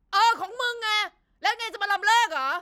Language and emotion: Thai, angry